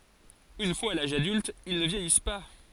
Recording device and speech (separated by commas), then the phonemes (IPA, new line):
forehead accelerometer, read sentence
yn fwaz a laʒ adylt il nə vjɛjis pa